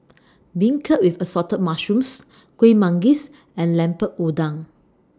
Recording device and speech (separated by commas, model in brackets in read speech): standing microphone (AKG C214), read sentence